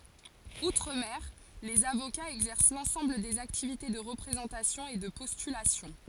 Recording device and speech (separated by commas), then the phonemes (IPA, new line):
forehead accelerometer, read sentence
utʁ mɛʁ lez avokaz ɛɡzɛʁs lɑ̃sɑ̃bl dez aktivite də ʁəpʁezɑ̃tasjɔ̃ e də pɔstylasjɔ̃